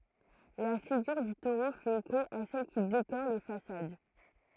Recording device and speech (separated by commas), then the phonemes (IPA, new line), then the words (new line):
throat microphone, read sentence
la fiɡyʁ dy toʁo fɛt eko a sɛl ki dekoʁ le fasad
La figure du taureau fait écho à celles qui décorent les façades.